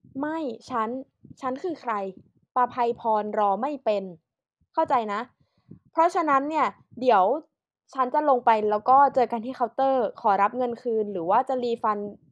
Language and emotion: Thai, angry